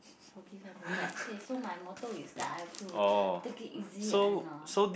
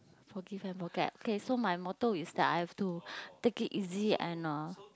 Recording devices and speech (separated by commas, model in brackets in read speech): boundary microphone, close-talking microphone, conversation in the same room